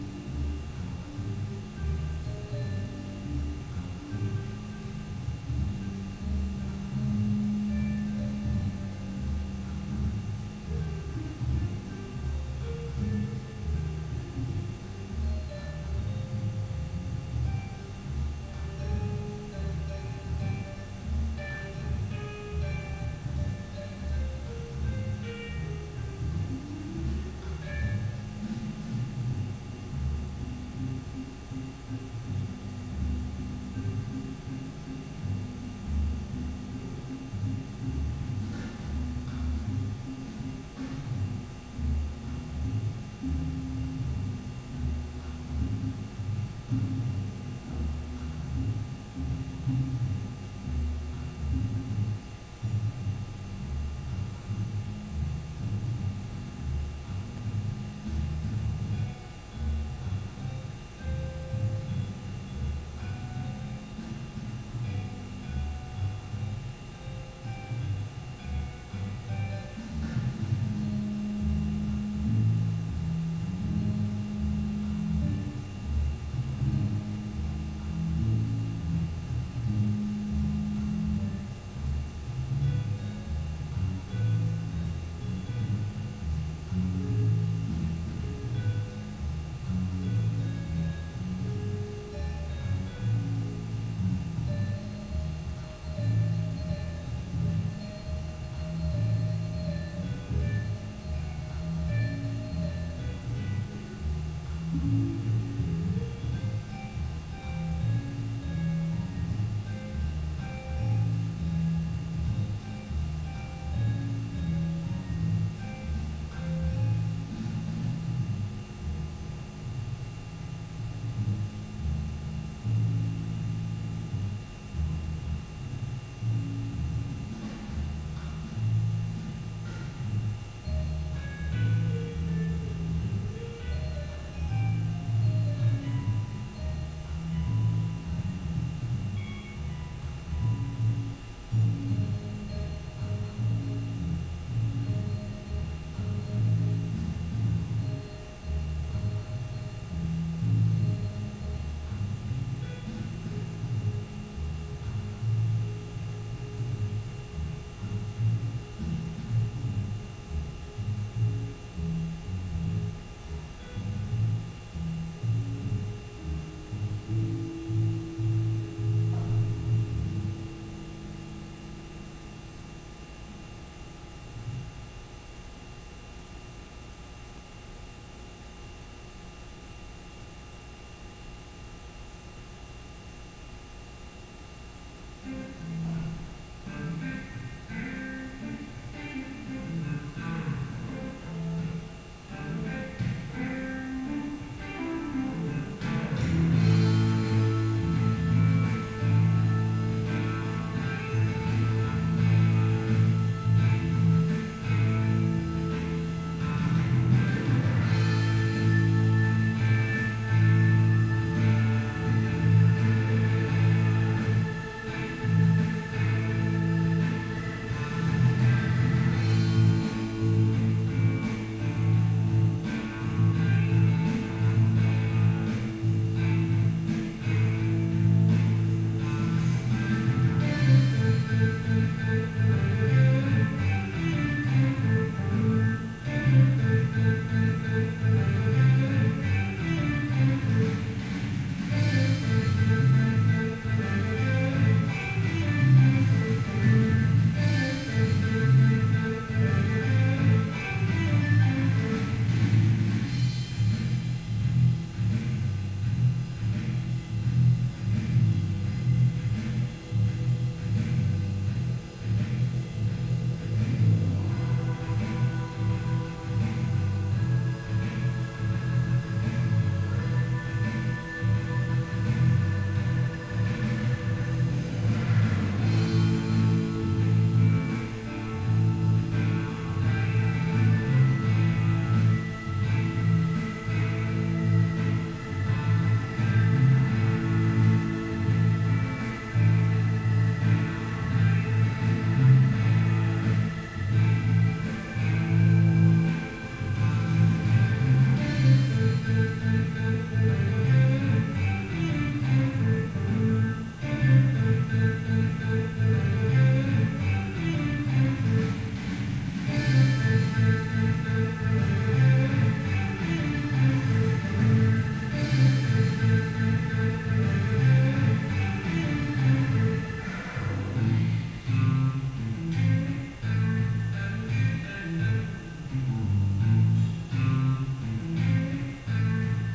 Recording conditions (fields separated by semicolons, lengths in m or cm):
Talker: no one; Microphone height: 1.0 m; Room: very reverberant, large; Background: music